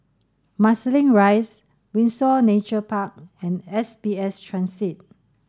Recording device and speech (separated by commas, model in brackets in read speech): standing microphone (AKG C214), read sentence